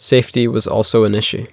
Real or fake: real